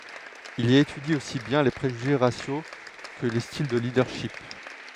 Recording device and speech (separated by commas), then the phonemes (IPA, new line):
headset microphone, read sentence
il i etydi osi bjɛ̃ le pʁeʒyʒe ʁasjo kə le stil də lidœʁʃip